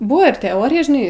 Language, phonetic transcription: Lithuanian, ˈbuvo ir teˈorija žiˈnai

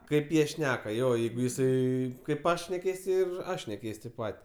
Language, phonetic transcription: Lithuanian, ˈkaip ˈjie ˈšneka ˈjo ˈjeigu jiˈsai kaip ˈaš šneˈkės ir ˈaš neˈkeis' tėp ˈpat'

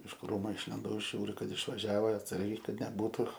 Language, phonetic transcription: Lithuanian, iš ˈkrūmu išlinˈdau ˈžiūriu ˈkad išvaˈžiavo atˈsargiai kad neˈbūtu

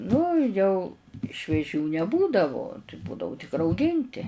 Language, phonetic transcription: Lithuanian, ˈnu jau švieˈžių neˈbūdavu tai ˈbūdavu tik rauˈginti

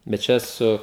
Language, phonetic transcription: Lithuanian, bet ˈčia ˈsu

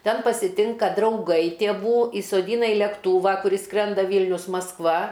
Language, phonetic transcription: Lithuanian, ˈten pasiˈtinka drauˈgai tėˈvų įsoˈdyna i lekˈtūva kuˈris ˈskrenda ˈvylnius masˈkva

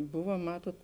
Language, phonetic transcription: Lithuanian, ˈbuva ˈmatot

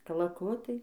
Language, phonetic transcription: Lithuanian, kalaˈkutai

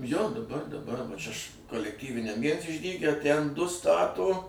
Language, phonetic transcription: Lithuanian, jo daˈbar daˈbar va ˈčia š kolekˈtyviniam ˈviens išˈdyge ˈtæn ˈdu ˈstato

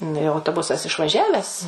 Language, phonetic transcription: Lithuanian, nu jau autoˈbusas išvaˈžiaves

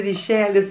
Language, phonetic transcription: Lithuanian, ryˈšelis

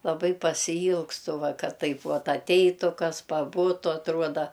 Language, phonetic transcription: Lithuanian, laˈbai pasiˈylgstu ˈva ˈkad ˈtaip ˈvat atˈeitu ˈkas paˈbutu atˈruoda

